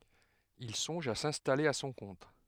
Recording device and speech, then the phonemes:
headset microphone, read sentence
il sɔ̃ʒ a sɛ̃stale a sɔ̃ kɔ̃t

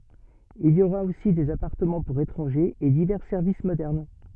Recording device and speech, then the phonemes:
soft in-ear microphone, read sentence
il i oʁa osi dez apaʁtəmɑ̃ puʁ etʁɑ̃ʒez e divɛʁ sɛʁvis modɛʁn

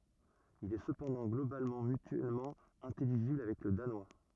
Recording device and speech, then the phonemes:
rigid in-ear microphone, read sentence
il ɛ səpɑ̃dɑ̃ ɡlobalmɑ̃ mytyɛlmɑ̃ ɛ̃tɛliʒibl avɛk lə danwa

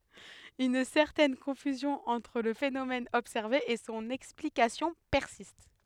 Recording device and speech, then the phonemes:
headset microphone, read sentence
yn sɛʁtɛn kɔ̃fyzjɔ̃ ɑ̃tʁ lə fenomɛn ɔbsɛʁve e sɔ̃n ɛksplikasjɔ̃ pɛʁsist

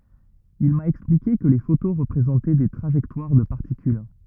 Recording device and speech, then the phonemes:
rigid in-ear microphone, read sentence
il ma ɛksplike kə le foto ʁəpʁezɑ̃tɛ de tʁaʒɛktwaʁ də paʁtikyl

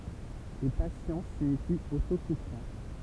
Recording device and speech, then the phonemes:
temple vibration pickup, read sentence
e pasjɑ̃s siɲifi otosufʁɑ̃s

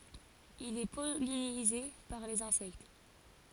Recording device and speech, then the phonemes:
forehead accelerometer, read sentence
il ɛ pɔlinize paʁ lez ɛ̃sɛkt

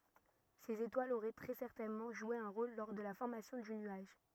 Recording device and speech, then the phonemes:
rigid in-ear microphone, read sentence
sez etwalz oʁɛ tʁɛ sɛʁtɛnmɑ̃ ʒwe œ̃ ʁol lɔʁ də la fɔʁmasjɔ̃ dy nyaʒ

